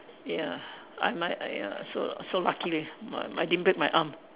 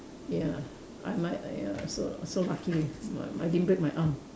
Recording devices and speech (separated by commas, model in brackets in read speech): telephone, standing microphone, conversation in separate rooms